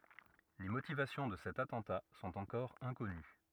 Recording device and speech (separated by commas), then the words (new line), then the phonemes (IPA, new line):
rigid in-ear microphone, read sentence
Les motivations de cet attentat sont encore inconnues.
le motivasjɔ̃ də sɛt atɑ̃ta sɔ̃t ɑ̃kɔʁ ɛ̃kɔny